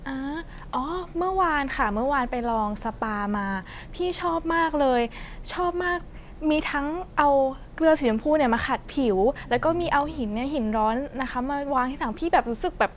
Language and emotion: Thai, happy